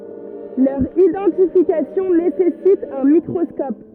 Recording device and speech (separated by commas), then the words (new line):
rigid in-ear microphone, read sentence
Leur identification nécessite un microscope.